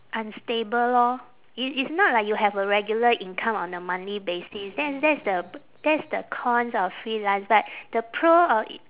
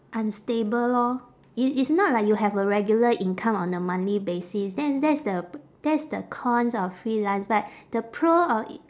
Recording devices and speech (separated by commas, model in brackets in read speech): telephone, standing microphone, conversation in separate rooms